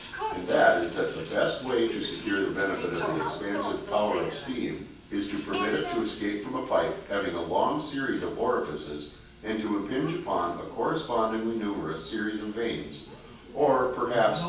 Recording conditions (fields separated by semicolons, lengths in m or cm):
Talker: one person; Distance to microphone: 9.8 m; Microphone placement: far; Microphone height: 1.8 m; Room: large; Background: television